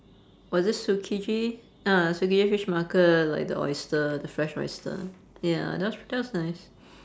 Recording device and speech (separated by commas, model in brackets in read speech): standing microphone, conversation in separate rooms